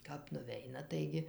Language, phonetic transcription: Lithuanian, kap nuˈveina ˈtaigi

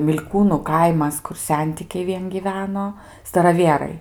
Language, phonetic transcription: Lithuanian, mil'ˈkūnų ˈkaimas ˈkur ˈsentikiai ˈvien gyˈveno staraˈvierai

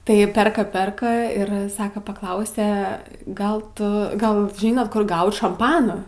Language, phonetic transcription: Lithuanian, tai ˈperka ˈperka ir ˈsaka paˈklausė ˈgal ˈtu ˈgal ˈžynot ˈkur ˈgaut šamˈpano

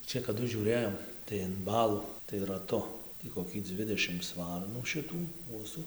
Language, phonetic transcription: Lithuanian, ˈčia kaˈdu žiūˈrėjom tai in ˈbalų tai raˈtu tį koˈkį ˈdvidešims ˈvarnų šiˈtų ˈkuosų

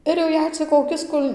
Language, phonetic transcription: Lithuanian, ir jau ˈjei cik koˈkis ˈkul'

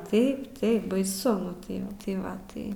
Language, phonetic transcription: Lithuanian, ˈtaip ˈtaip baiˈsu ˈnu tai ˈva tai ˈva ˈtai

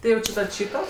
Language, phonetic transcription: Lithuanian, ti ˈjau či tad ˈšyto

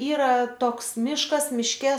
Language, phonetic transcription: Lithuanian, ˈyra ˈtoks ˈmiškas ˈmiške

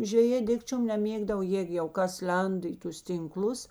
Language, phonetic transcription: Lithuanian, žveˈjė ˈdikčiom neˈmėgdava ˈjėg jau ˈkas ˈlenda i ˈtus tinˈklus

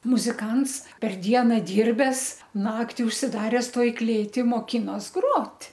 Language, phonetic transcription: Lithuanian, muziˈkans per ˈdiena ˈdyrbes ˈnakti užsiˈdares ˈtoj ˈklėti moˈkinos ˈgrot'

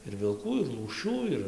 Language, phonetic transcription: Lithuanian, ir vilˈkų ir lūˈšių ˈir

